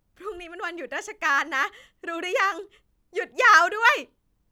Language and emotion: Thai, happy